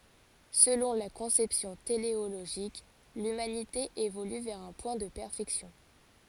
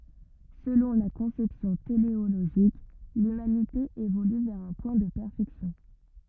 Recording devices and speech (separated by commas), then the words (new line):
forehead accelerometer, rigid in-ear microphone, read sentence
Selon la conception téléologique, l’humanité évolue vers un point de perfection.